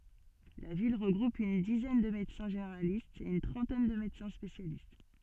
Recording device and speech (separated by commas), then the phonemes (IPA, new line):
soft in-ear microphone, read sentence
la vil ʁəɡʁup yn dizɛn də medəsɛ̃ ʒeneʁalistz e yn tʁɑ̃tɛn də medəsɛ̃ spesjalist